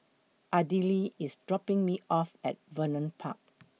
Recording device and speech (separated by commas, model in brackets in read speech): mobile phone (iPhone 6), read sentence